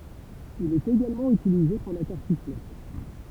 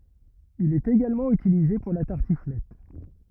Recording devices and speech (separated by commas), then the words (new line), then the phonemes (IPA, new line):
temple vibration pickup, rigid in-ear microphone, read sentence
Il est également utilisé pour la tartiflette.
il ɛt eɡalmɑ̃ ytilize puʁ la taʁtiflɛt